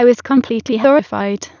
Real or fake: fake